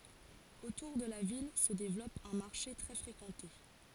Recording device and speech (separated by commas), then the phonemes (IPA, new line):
forehead accelerometer, read sentence
otuʁ də la vil sə devlɔp œ̃ maʁʃe tʁɛ fʁekɑ̃te